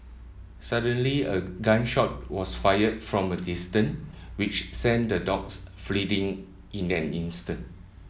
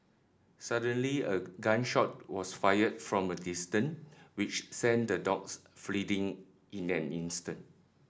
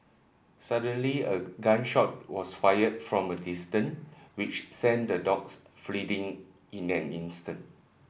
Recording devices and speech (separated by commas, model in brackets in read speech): mobile phone (iPhone 7), standing microphone (AKG C214), boundary microphone (BM630), read sentence